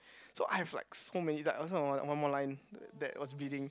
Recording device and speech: close-talking microphone, conversation in the same room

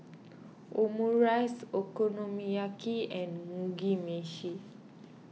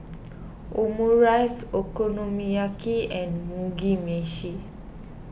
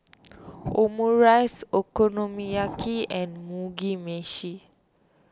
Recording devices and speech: mobile phone (iPhone 6), boundary microphone (BM630), standing microphone (AKG C214), read sentence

